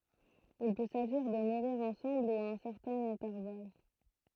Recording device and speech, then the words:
throat microphone, read sentence
Il peut s'agir de mourir ensemble ou à un certain intervalle.

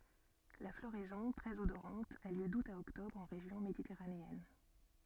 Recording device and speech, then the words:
soft in-ear microphone, read sentence
La floraison, très odorante, a lieu d’août à octobre en région méditerranéenne.

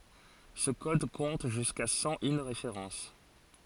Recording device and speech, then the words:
forehead accelerometer, read sentence
Ce code compte jusqu'à cent une références.

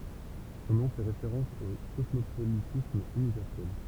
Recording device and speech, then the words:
temple vibration pickup, read sentence
Son nom fait référence au Cosmopolitisme Universel.

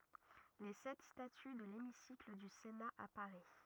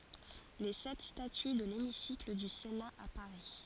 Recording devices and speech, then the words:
rigid in-ear microphone, forehead accelerometer, read sentence
Les sept statues de l'hémicycle du Sénat à Paris.

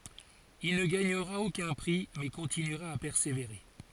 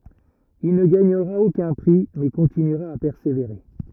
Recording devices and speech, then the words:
forehead accelerometer, rigid in-ear microphone, read sentence
Il ne gagnera aucun prix, mais continuera à persévérer.

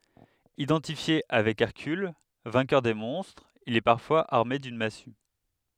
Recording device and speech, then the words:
headset microphone, read sentence
Identifié avec Hercule, vainqueur des monstres, il est parfois armé d'une massue.

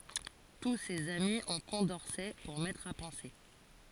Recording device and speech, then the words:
forehead accelerometer, read sentence
Tous ces amis ont Condorcet pour maître à penser.

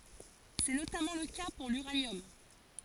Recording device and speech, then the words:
forehead accelerometer, read sentence
C'est notamment le cas pour l'uranium.

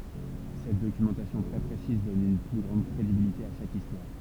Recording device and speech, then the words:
temple vibration pickup, read sentence
Cette documentation très précise donne une plus grande crédibilité à chaque histoire.

